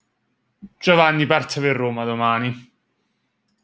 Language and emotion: Italian, disgusted